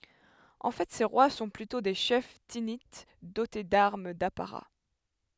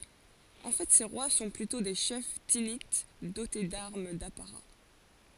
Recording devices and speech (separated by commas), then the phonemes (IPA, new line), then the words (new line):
headset microphone, forehead accelerometer, read sentence
ɑ̃ fɛ se ʁwa sɔ̃ plytɔ̃ de ʃɛf tinit dote daʁm dapaʁa
En fait ces rois sont plutôt des chefs Thinites, dotés d'armes d'apparat.